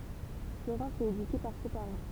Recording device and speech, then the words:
temple vibration pickup, read sentence
Florence est éduquée par ses parents.

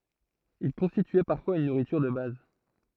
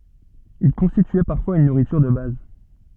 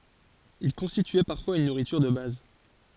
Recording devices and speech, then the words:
throat microphone, soft in-ear microphone, forehead accelerometer, read sentence
Il constituait parfois une nourriture de base.

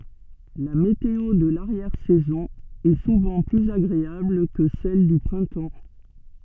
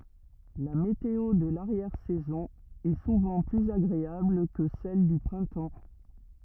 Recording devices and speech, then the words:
soft in-ear microphone, rigid in-ear microphone, read sentence
La météo de l'arrière saison est souvent plus agréable que celle du printemps.

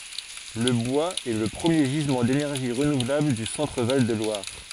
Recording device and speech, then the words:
forehead accelerometer, read sentence
Le bois est le premier gisement d’énergie renouvelable du Centre-Val de Loire.

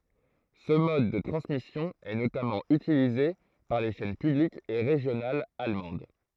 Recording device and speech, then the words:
throat microphone, read sentence
Ce mode de transmission est notamment utilisé par les chaînes publiques et régionales allemandes.

